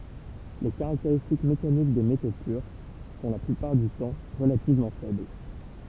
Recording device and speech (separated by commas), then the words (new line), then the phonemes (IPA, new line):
temple vibration pickup, read sentence
Les caractéristiques mécaniques des métaux purs sont la plupart du temps relativement faibles.
le kaʁakteʁistik mekanik de meto pyʁ sɔ̃ la plypaʁ dy tɑ̃ ʁəlativmɑ̃ fɛbl